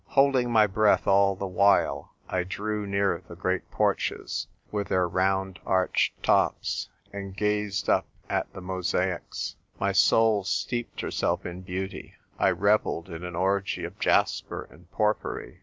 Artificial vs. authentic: authentic